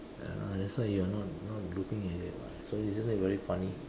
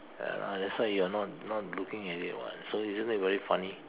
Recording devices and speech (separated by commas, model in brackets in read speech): standing microphone, telephone, conversation in separate rooms